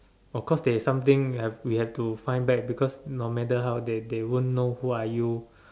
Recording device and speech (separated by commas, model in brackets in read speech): standing microphone, conversation in separate rooms